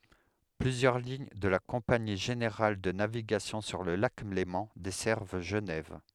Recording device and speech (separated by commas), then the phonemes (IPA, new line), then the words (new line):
headset microphone, read sentence
plyzjœʁ liɲ də la kɔ̃pani ʒeneʁal də naviɡasjɔ̃ syʁ lə lak lemɑ̃ dɛsɛʁv ʒənɛv
Plusieurs lignes de la Compagnie générale de navigation sur le lac Léman desservent Genève.